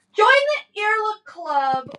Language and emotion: English, sad